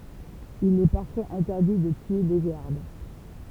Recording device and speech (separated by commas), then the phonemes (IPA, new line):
temple vibration pickup, read sentence
il ɛ paʁfwaz ɛ̃tɛʁdi də tye le ɡaʁd